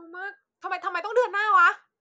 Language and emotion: Thai, angry